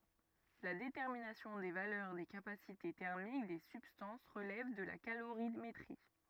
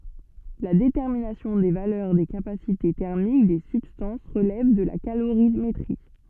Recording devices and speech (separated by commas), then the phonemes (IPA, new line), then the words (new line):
rigid in-ear microphone, soft in-ear microphone, read sentence
la detɛʁminasjɔ̃ de valœʁ de kapasite tɛʁmik de sybstɑ̃s ʁəlɛv də la kaloʁimetʁi
La détermination des valeurs des capacités thermiques des substances relève de la calorimétrie.